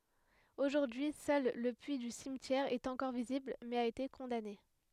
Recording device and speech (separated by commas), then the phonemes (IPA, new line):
headset microphone, read sentence
oʒuʁdyi sœl lə pyi dy simtjɛʁ ɛt ɑ̃kɔʁ vizibl mɛz a ete kɔ̃dane